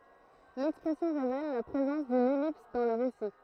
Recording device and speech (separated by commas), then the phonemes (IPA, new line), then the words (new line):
throat microphone, read sentence
lɛkspʁɛsjɔ̃ ʁevɛl la pʁezɑ̃s dyn ɛlips dɑ̃ lə ʁesi
L'expression révèle la présence d'une ellipse dans le récit.